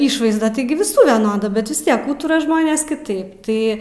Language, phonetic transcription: Lithuanian, ˈišvaizda ˈtaigi viˈsų veˈnoda ˈbet vis ˈtiek ˈūtura ˈžmonės kiˈtaip ˈtai

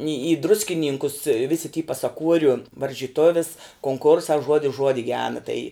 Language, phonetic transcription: Lithuanian, i i druskiˈnynkus visi ty pasaˈkuoriu varžyˈtovis konˈkursā ˈžuodis ˈžuodi ˈgena tai

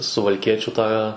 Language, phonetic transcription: Lithuanian, suvalˈkiečių tą

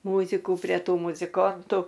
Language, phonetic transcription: Lithuanian, ˈmūziku pre ˈtų muziˈkontu

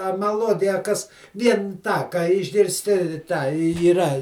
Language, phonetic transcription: Lithuanian, a maˈluodija a ˈkas ˈvien ˈtą ką išgirsˈti ˈtą yˈra

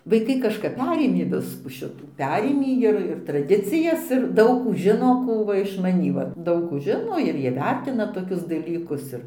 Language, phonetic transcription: Lithuanian, vaiˈkai kažˈkap ˈperėmė ˈviskų ˈšitų ˈperėmį ir ir traˈdicijas ir ˈdaug ˈkų ˈžino ˈkų va iš maˈnį ˈva ˈdaug kų ˈžino ir ˈjie ˈvertina toˈkius daˈlykus ˈir išmanyti daug žino ir įvertina tokius dalykus ir

